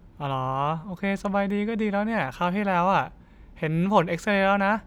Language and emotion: Thai, neutral